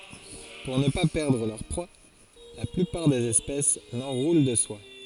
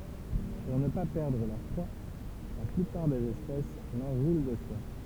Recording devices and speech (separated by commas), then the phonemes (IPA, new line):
forehead accelerometer, temple vibration pickup, read sentence
puʁ nə pa pɛʁdʁ lœʁ pʁwa la plypaʁ dez ɛspɛs lɑ̃ʁulɑ̃ də swa